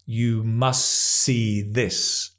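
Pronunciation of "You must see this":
In 'must see', the t at the end of 'must' is dropped, so no t sound is heard before 'see'.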